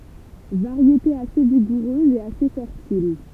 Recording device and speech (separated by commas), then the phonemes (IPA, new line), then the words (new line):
temple vibration pickup, read sentence
vaʁjete ase viɡuʁøz e ase fɛʁtil
Variété assez vigoureuse et assez fertile.